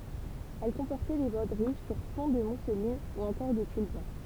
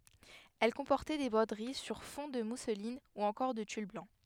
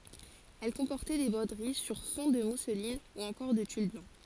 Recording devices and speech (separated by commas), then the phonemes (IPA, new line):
temple vibration pickup, headset microphone, forehead accelerometer, read sentence
ɛl kɔ̃pɔʁtɛ de bʁodəʁi syʁ fɔ̃ də muslin u ɑ̃kɔʁ də tyl blɑ̃